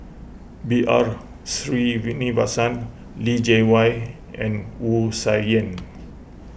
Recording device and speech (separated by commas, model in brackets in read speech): boundary microphone (BM630), read sentence